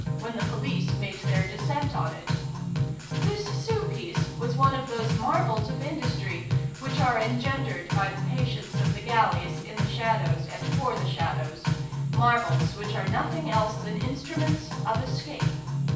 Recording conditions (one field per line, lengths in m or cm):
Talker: one person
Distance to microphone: 9.8 m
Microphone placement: far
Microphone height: 1.8 m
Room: large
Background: music